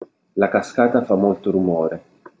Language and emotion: Italian, neutral